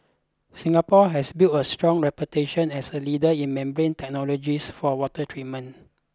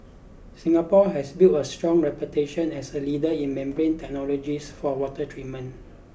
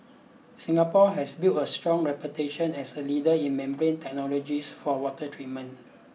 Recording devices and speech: close-talking microphone (WH20), boundary microphone (BM630), mobile phone (iPhone 6), read sentence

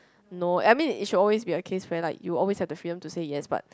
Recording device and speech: close-talking microphone, conversation in the same room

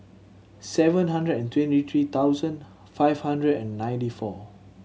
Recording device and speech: mobile phone (Samsung C7100), read sentence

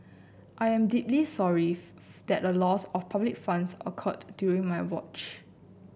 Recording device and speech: boundary microphone (BM630), read sentence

